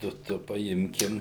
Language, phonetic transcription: Lithuanian, ˈtu ˈtu paˈimkim

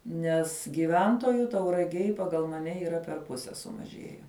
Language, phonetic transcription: Lithuanian, nes giˈventoju tauraˈgėj paˈgal maˈne yˈra per ˈpuse sumaˈžėje

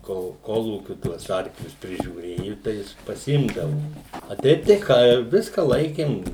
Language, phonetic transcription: Lithuanian, kol ˈkolūkiu tuos ˈarklius prižiūˈrėju tai ˈjis paˈsimdavo a ˈteip tai ˈką ˈviska ˈlaikėm

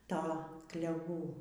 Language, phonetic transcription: Lithuanian, ˈto kleˈvų

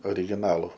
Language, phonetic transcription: Lithuanian, origiˈnalu

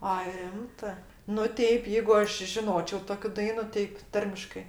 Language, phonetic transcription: Lithuanian, a ˈrimtɜ nu ˈteip ˈjeigu ˈaš žiˈnočio ˈtokiu ˈdainu ˈtik ˈtarmiškɜ

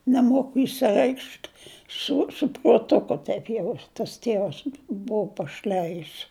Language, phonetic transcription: Lithuanian, neˈmoku išsiˈreikšt su su pruotˈuku ˈtaip jau tas ˈtėvas ˈbuu paˈšlæjis

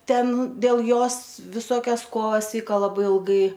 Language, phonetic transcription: Lithuanian, ˈten dėl ˈjos viˈsokias ˈkovas ˈvyka laˈbai ilˈgai

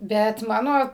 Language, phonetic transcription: Lithuanian, ˈbet ˈmano

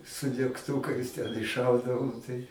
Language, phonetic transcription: Lithuanian, su degˈtūkais ten išˈšaudavom tai

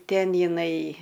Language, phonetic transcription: Lithuanian, ˈten jiˈnai

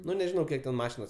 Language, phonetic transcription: Lithuanian, ˈnu nežiˈnau ˈkiek ten ˈmašinos

